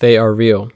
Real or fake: real